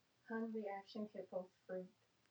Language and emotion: English, sad